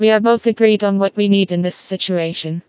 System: TTS, vocoder